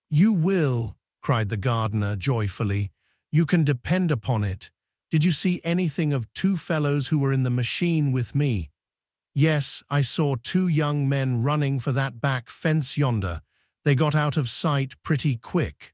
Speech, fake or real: fake